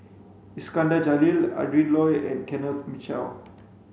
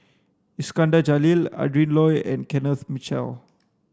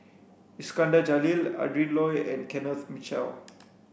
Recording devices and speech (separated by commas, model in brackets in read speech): mobile phone (Samsung C5), standing microphone (AKG C214), boundary microphone (BM630), read sentence